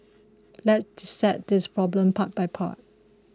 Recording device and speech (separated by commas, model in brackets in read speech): close-talking microphone (WH20), read sentence